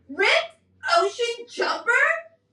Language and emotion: English, disgusted